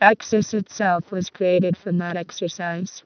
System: VC, vocoder